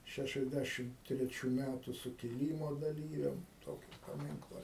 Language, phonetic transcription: Lithuanian, ˌšæšiasˈdæšim treˈčių ˈmætu sukiˈlymo daˈlyviam ˈtoki paˈminkla

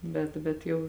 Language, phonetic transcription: Lithuanian, ˈbet bet ˈjau

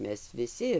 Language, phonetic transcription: Lithuanian, ˈmes viˈsi

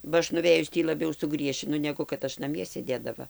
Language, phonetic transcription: Lithuanian, ba ˈaš nuˈvėjus ˈtį laˈbiau suˈgriešinu ˈnegu kad ˈaš naˈmie sėˈdėdava

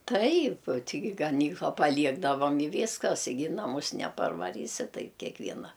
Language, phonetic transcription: Lithuanian, ˈtaip ˈtigi gaˈnykla paˈliegdavam i ˈvyskas i ˈgi i naˈmus neparvaˈrysi ˈtaip kekˈviena

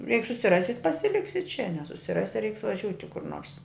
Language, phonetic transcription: Lithuanian, jeig susiˈrasi pasiˈliksi čia nesusiˈrasi reiks vaˈžiūti kur nors

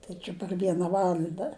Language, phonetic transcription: Lithuanian, ˈtai či par ˈviena ˈvalanda

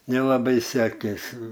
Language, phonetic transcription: Lithuanian, nelaˈbai ˈsekėsi

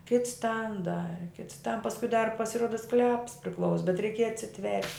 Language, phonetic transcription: Lithuanian, kits tan ˈdari kits tan paskui dar pasiˈruoda skleps priˈklaus bet reiˈkieja atsiˈtvert'

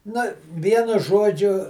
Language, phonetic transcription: Lithuanian, na ˈvienu ˈžuodžiu

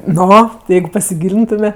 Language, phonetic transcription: Lithuanian, ˈno ˈjeigu pasiˈgylintume

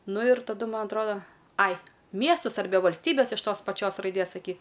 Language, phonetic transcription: Lithuanian, ˈnu ir taˈdu ˈman atˈroda ˈai ˈmiestus arˈbe valsˈtybes iš ˈtos paˈčios raiˈdės saˈky

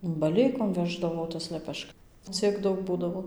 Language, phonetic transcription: Lithuanian, baˈleikom ˈveždavo tas leˈpešk ˈciek ˈdaug ˈbūdavo

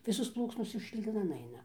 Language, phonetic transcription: Lithuanian, ˈvisos ˈplūksnos šiukšlyˈnan ˈaina

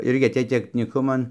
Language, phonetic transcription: Lithuanian, ˈirgi aˈtėj teknyˈkuman

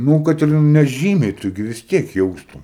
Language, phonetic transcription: Lithuanian, ˈnū kad ir neˈžymiai ˈtu gi vis ˈtiek ˈjaustum

